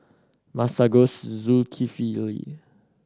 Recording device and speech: standing microphone (AKG C214), read sentence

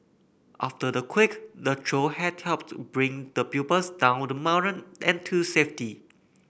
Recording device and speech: boundary microphone (BM630), read sentence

